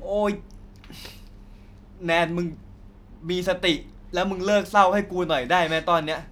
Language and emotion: Thai, frustrated